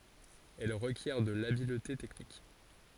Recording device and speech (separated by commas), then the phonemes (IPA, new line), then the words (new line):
forehead accelerometer, read sentence
ɛl ʁəkjɛʁ də labilte tɛknik
Elle requiert de l'habileté technique.